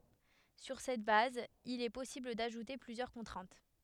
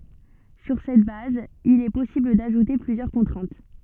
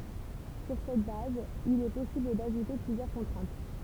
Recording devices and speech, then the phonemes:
headset microphone, soft in-ear microphone, temple vibration pickup, read sentence
syʁ sɛt baz il ɛ pɔsibl daʒute plyzjœʁ kɔ̃tʁɛ̃t

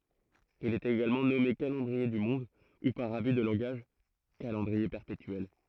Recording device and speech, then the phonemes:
throat microphone, read sentence
il ɛt eɡalmɑ̃ nɔme kalɑ̃dʁie dy mɔ̃d u paʁ aby də lɑ̃ɡaʒ kalɑ̃dʁie pɛʁpetyɛl

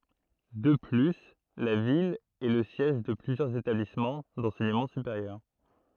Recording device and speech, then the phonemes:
throat microphone, read sentence
də ply la vil ɛ lə sjɛʒ də plyzjœʁz etablismɑ̃ dɑ̃sɛɲəmɑ̃ sypeʁjœʁ

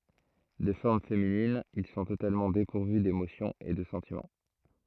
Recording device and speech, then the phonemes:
throat microphone, read sentence
də fɔʁm feminin il sɔ̃ totalmɑ̃ depuʁvy demosjɔ̃z e də sɑ̃timɑ̃

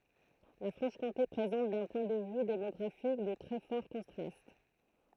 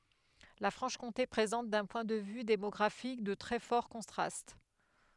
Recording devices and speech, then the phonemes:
throat microphone, headset microphone, read sentence
la fʁɑ̃ʃkɔ̃te pʁezɑ̃t dœ̃ pwɛ̃ də vy demɔɡʁafik də tʁɛ fɔʁ kɔ̃tʁast

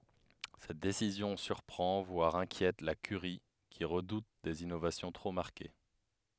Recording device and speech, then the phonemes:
headset microphone, read sentence
sɛt desizjɔ̃ syʁpʁɑ̃ vwaʁ ɛ̃kjɛt la kyʁi ki ʁədut dez inovasjɔ̃ tʁo maʁke

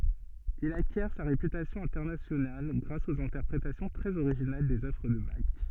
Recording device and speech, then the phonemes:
soft in-ear microphone, read sentence
il akjɛʁ sa ʁepytasjɔ̃ ɛ̃tɛʁnasjonal ɡʁas oz ɛ̃tɛʁpʁetasjɔ̃ tʁɛz oʁiʒinal dez œvʁ də bak

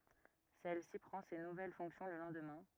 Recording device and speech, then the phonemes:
rigid in-ear microphone, read sentence
sɛl si pʁɑ̃ se nuvɛl fɔ̃ksjɔ̃ lə lɑ̃dmɛ̃

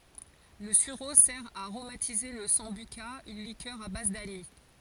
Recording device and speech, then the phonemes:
forehead accelerometer, read sentence
lə syʁo sɛʁ a aʁomatize la sɑ̃byka yn likœʁ a baz danis

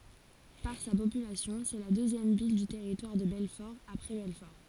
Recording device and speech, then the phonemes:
forehead accelerometer, read sentence
paʁ sa popylasjɔ̃ sɛ la døzjɛm vil dy tɛʁitwaʁ də bɛlfɔʁ apʁɛ bɛlfɔʁ

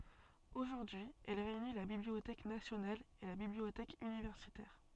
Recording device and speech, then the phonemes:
soft in-ear microphone, read sentence
oʒuʁdyi ɛl ʁeyni la bibliotɛk nasjonal e la bibliotɛk ynivɛʁsitɛʁ

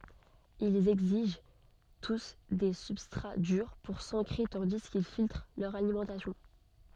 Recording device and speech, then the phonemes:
soft in-ear microphone, read sentence
ilz ɛɡziʒ tus de sybstʁa dyʁ puʁ sɑ̃kʁe tɑ̃di kil filtʁ lœʁ alimɑ̃tasjɔ̃

